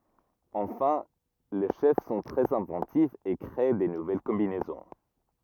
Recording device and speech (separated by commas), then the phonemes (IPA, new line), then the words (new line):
rigid in-ear microphone, read sentence
ɑ̃fɛ̃ le ʃɛf sɔ̃ tʁɛz ɛ̃vɑ̃tifz e kʁe də nuvɛl kɔ̃binɛzɔ̃
Enfin, les chefs sont très inventifs et créent de nouvelles combinaisons.